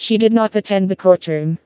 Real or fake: fake